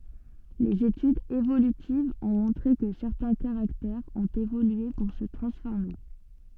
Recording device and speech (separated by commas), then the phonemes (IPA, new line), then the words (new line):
soft in-ear microphone, read sentence
lez etydz evolytivz ɔ̃ mɔ̃tʁe kə sɛʁtɛ̃ kaʁaktɛʁz ɔ̃t evolye puʁ sə tʁɑ̃sfɔʁme
Les études évolutives ont montré que certains caractères ont évolué pour se transformer.